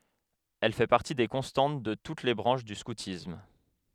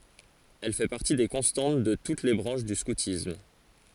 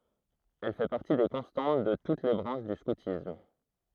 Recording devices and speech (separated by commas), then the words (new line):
headset microphone, forehead accelerometer, throat microphone, read sentence
Elle fait partie des constantes de toutes les branches du scoutisme.